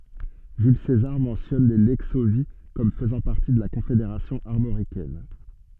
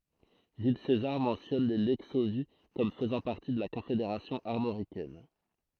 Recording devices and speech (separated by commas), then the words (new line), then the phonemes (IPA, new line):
soft in-ear microphone, throat microphone, read sentence
Jules César mentionne les Lexovii comme faisant partie de la Confédération armoricaine.
ʒyl sezaʁ mɑ̃sjɔn le lɛksovji kɔm fəzɑ̃ paʁti də la kɔ̃fedeʁasjɔ̃ aʁmoʁikɛn